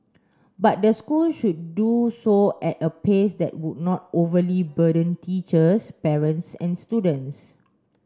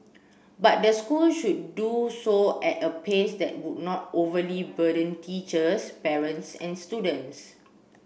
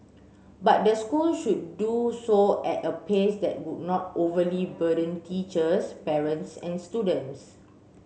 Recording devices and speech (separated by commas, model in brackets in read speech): standing microphone (AKG C214), boundary microphone (BM630), mobile phone (Samsung C7), read sentence